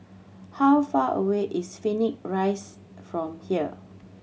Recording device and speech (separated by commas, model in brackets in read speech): mobile phone (Samsung C7100), read sentence